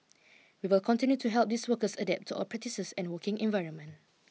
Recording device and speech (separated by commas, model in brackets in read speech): mobile phone (iPhone 6), read sentence